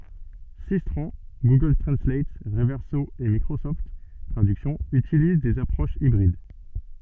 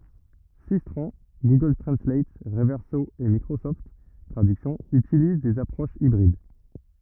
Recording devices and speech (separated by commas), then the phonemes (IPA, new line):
soft in-ear microphone, rigid in-ear microphone, read sentence
sistʁɑ̃ ɡuɡœl tʁɑ̃slat ʁəvɛʁso e mikʁosɔft tʁadyksjɔ̃ ytiliz dez apʁoʃz ibʁid